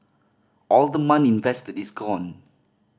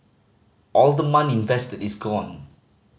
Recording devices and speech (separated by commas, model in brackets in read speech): standing microphone (AKG C214), mobile phone (Samsung C5010), read sentence